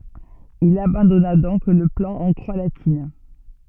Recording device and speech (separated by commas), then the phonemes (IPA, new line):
soft in-ear microphone, read sentence
il abɑ̃dɔna dɔ̃k lə plɑ̃ ɑ̃ kʁwa latin